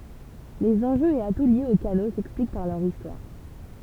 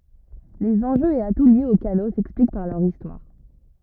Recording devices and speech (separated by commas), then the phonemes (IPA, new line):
temple vibration pickup, rigid in-ear microphone, read sentence
lez ɑ̃ʒøz e atu ljez o kano sɛksplik paʁ lœʁ istwaʁ